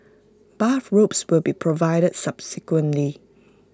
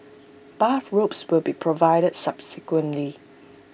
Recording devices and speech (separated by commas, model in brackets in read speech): close-talking microphone (WH20), boundary microphone (BM630), read sentence